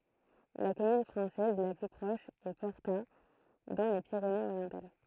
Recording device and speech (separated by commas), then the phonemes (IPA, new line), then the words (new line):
throat microphone, read sentence
la kɔmyn fʁɑ̃sɛz la ply pʁɔʃ ɛ pɔʁta dɑ̃ le piʁeneəzoʁjɑ̃tal
La commune française la plus proche est Porta dans les Pyrénées-Orientales.